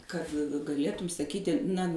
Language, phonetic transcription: Lithuanian, ˈkad gaˈlėtum saˈkyti na

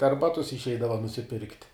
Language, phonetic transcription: Lithuanian, dar ˈbatus išˈeidava nusiˈpirkt'

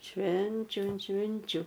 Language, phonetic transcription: Lithuanian, ˈšvenčiu ant ˈšvinčiu

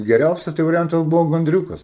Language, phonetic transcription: Lithuanian, geˈriausias tai variˈjantas ˈbuvo ganˈdriūkas

